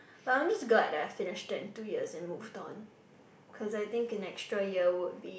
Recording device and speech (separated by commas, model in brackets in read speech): boundary microphone, conversation in the same room